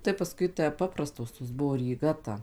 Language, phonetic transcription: Lithuanian, tai paˈskui tę ˈpaprastos tos ˈbuvo ryˈga ta

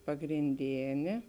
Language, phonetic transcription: Lithuanian, pagrinˈdėnė

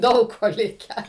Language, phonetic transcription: Lithuanian, ˈdaug ˈko ˈlikę

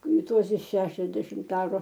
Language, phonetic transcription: Lithuanian, ˈtuose ˈšešiasdešimt ˈaru

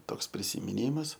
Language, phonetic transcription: Lithuanian, ˈtoks prisimiˈnymas

